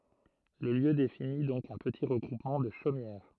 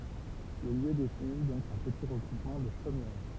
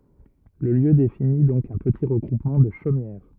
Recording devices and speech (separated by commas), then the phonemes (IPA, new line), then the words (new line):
throat microphone, temple vibration pickup, rigid in-ear microphone, read sentence
lə ljø defini dɔ̃k œ̃ pəti ʁəɡʁupmɑ̃ də ʃomjɛʁ
Le lieu définit donc un petit regroupement de chaumières.